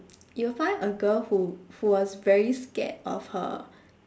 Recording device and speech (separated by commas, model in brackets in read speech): standing microphone, conversation in separate rooms